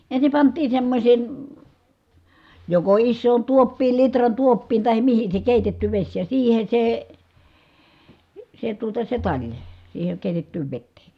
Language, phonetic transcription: Finnish, ensim pant̀iin̬ semmośèn̬ , joko issoon tuoppiil litran tuoppiin tahem mihin se kèitetty veś ja siihe se , se tuota se taĺ , siiheŋ kèitettyyv vettee .
- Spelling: ensin pantiin semmoiseen joko isoon tuoppiin litran tuoppiin tai mihin se keitetty vesi ja siihen se se tuota se tali siihen keitettyyn veteen

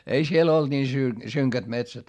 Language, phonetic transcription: Finnish, ei siel ‿olD nii sy- , syŋkät metsät .
- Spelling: ei siellä ollut niin - synkät metsät

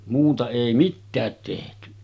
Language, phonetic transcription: Finnish, muuta èi 'mittäät tehty .
- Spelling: muuta ei mitään tehty

